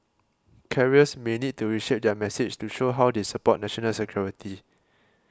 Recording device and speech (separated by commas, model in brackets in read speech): close-talking microphone (WH20), read sentence